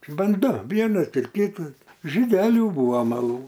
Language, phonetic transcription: Lithuanian, ˈban ˈdu ˈvienas ir ˈkitas žyˈdeliu ˈbūva maˈlū

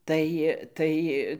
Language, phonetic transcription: Lithuanian, ˈtai ˈtai

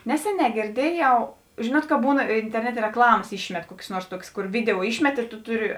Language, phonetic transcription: Lithuanian, ˈneseˌnē gėrˈdieˌjau ˈžinuot ka ˈbūn interˈnetė rekˈlamas ˈyšmet ˈkuokės ˈnuors ˈtuokės ˈkur ˈvideo ˈyšmet ir tu ˈtuˌri

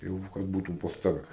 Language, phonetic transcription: Lithuanian, ˈjau kad ˈbūtu pas ˈtave

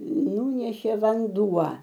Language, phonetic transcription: Lithuanian, ˈnūnešė vanˈduo

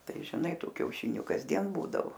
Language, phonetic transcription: Lithuanian, ˈtai žiˈnai ˈtų kiauˈšiniu kasˈdien ˈbūdavo

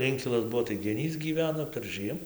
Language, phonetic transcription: Lithuanian, ˈinkilas ˈbuo tai geˈnys gyˈveno perˈžɨem

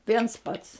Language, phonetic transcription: Lithuanian, ˈviens ˈpats

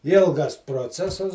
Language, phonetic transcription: Lithuanian, ˈilgas proˈcesas

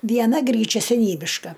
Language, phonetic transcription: Lithuanian, ˈviena ˈgryčia seˈnybiška

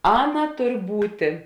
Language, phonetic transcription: Lithuanian, ˈaˌna ˈtur ˈbūtė

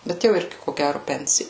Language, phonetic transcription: Lithuanian, ˈbet jau ˈirgi ko ˈgæru ˈpensi

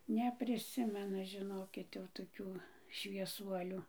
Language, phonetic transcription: Lithuanian, nepriˈsimenu žiˈnokit jau toˈkių švieˈsuoliu

